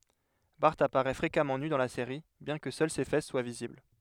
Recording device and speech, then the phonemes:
headset microphone, read sentence
baʁ apaʁɛ fʁekamɑ̃ ny dɑ̃ la seʁi bjɛ̃ kə sœl se fɛs swa vizibl

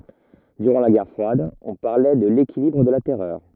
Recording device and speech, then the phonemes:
rigid in-ear microphone, read sentence
dyʁɑ̃ la ɡɛʁ fʁwad ɔ̃ paʁlɛ də lekilibʁ də la tɛʁœʁ

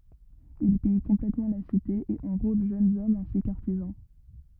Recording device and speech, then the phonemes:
rigid in-ear microphone, read sentence
il pij kɔ̃plɛtmɑ̃ la site e ɑ̃ʁol ʒønz ɔmz ɛ̃si kə aʁtizɑ̃

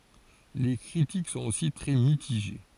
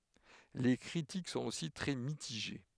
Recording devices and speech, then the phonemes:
forehead accelerometer, headset microphone, read sentence
le kʁitik sɔ̃t osi tʁɛ mitiʒe

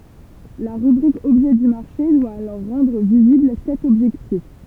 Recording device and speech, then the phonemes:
temple vibration pickup, read sentence
la ʁybʁik ɔbʒɛ dy maʁʃe dwa alɔʁ ʁɑ̃dʁ vizibl sɛt ɔbʒɛktif

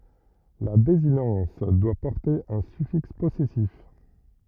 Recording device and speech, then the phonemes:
rigid in-ear microphone, read sentence
la dezinɑ̃s dwa pɔʁte œ̃ syfiks pɔsɛsif

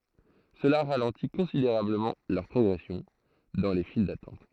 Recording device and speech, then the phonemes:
throat microphone, read sentence
səla ʁalɑ̃ti kɔ̃sideʁabləmɑ̃ lœʁ pʁɔɡʁɛsjɔ̃ dɑ̃ le fil datɑ̃t

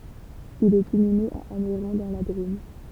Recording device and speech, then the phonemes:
temple vibration pickup, read sentence
il ɛt inyme a anɛʁɔ̃ dɑ̃ la dʁom

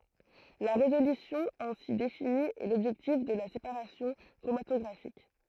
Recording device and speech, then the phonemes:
throat microphone, read sentence
la ʁezolysjɔ̃ ɛ̃si defini ɛ lɔbʒɛktif də la sepaʁasjɔ̃ kʁomatɔɡʁafik

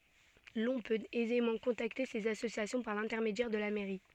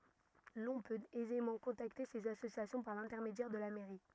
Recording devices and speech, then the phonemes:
soft in-ear microphone, rigid in-ear microphone, read sentence
lɔ̃ pøt ɛzemɑ̃ kɔ̃takte sez asosjasjɔ̃ paʁ lɛ̃tɛʁmedjɛʁ də la mɛʁi

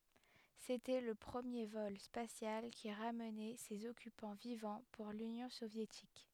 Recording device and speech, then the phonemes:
headset microphone, read sentence
setɛ lə pʁəmje vɔl spasjal ki ʁamnɛ sez ɔkypɑ̃ vivɑ̃ puʁ lynjɔ̃ sovjetik

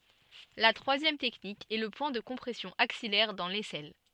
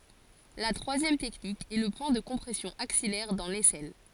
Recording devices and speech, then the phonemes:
soft in-ear microphone, forehead accelerometer, read sentence
la tʁwazjɛm tɛknik ɛ lə pwɛ̃ də kɔ̃pʁɛsjɔ̃ aksijɛʁ dɑ̃ lɛsɛl

